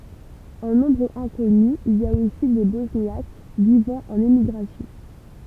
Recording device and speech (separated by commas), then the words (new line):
temple vibration pickup, read sentence
En nombre inconnu, il y a aussi des Bosniaques vivant en émigration.